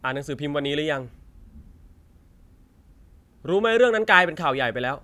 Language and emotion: Thai, frustrated